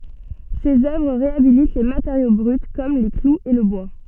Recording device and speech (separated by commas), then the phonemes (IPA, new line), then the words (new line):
soft in-ear microphone, read sentence
sez œvʁ ʁeabilit le mateʁjo bʁyt kɔm le kluz e lə bwa
Ses œuvres réhabilitent les matériaux bruts comme les clous et le bois.